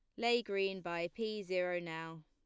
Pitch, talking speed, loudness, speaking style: 185 Hz, 175 wpm, -38 LUFS, plain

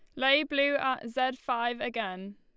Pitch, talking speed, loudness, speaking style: 255 Hz, 165 wpm, -29 LUFS, Lombard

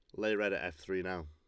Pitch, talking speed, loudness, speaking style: 95 Hz, 335 wpm, -36 LUFS, Lombard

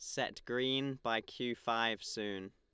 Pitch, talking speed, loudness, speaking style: 115 Hz, 155 wpm, -37 LUFS, Lombard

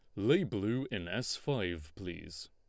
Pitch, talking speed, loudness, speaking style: 100 Hz, 155 wpm, -35 LUFS, Lombard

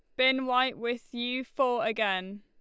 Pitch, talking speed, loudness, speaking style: 245 Hz, 165 wpm, -29 LUFS, Lombard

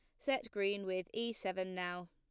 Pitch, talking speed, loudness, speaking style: 190 Hz, 190 wpm, -39 LUFS, plain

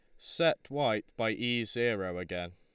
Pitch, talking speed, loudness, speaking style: 90 Hz, 155 wpm, -32 LUFS, Lombard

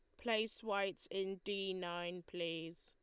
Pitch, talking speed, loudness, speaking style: 190 Hz, 135 wpm, -41 LUFS, Lombard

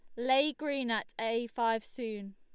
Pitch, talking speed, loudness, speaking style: 230 Hz, 170 wpm, -33 LUFS, Lombard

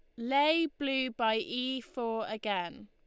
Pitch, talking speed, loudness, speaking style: 250 Hz, 135 wpm, -32 LUFS, Lombard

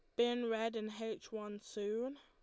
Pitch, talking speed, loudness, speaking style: 225 Hz, 180 wpm, -40 LUFS, Lombard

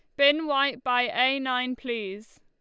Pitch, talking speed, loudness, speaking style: 250 Hz, 165 wpm, -25 LUFS, Lombard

